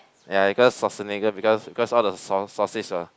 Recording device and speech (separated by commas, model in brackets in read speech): close-talking microphone, conversation in the same room